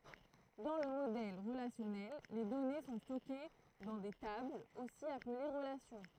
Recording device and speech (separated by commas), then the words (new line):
throat microphone, read sentence
Dans le modèle relationnel, les données sont stockées dans des tables, aussi appelées relations.